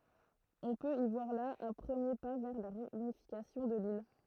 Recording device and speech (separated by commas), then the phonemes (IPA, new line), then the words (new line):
throat microphone, read sentence
ɔ̃ pøt i vwaʁ la œ̃ pʁəmje pa vɛʁ la ʁeynifikasjɔ̃ də lil
On peut y voir là un premier pas vers la réunification de l'île.